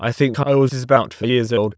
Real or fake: fake